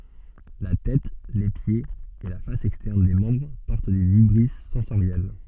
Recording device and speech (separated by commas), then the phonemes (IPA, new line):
soft in-ear microphone, read sentence
la tɛt le pjez e la fas ɛkstɛʁn de mɑ̃bʁ pɔʁt de vibʁis sɑ̃soʁjɛl